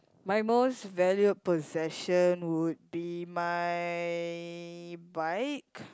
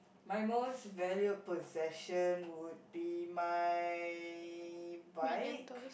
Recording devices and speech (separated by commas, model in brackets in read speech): close-talking microphone, boundary microphone, conversation in the same room